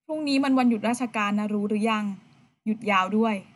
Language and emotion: Thai, neutral